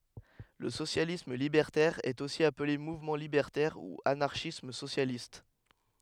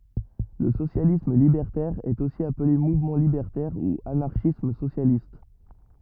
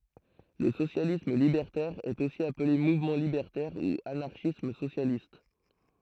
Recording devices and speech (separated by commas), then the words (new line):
headset microphone, rigid in-ear microphone, throat microphone, read sentence
Le socialisme libertaire est aussi appelé mouvement libertaire ou anarchisme socialiste.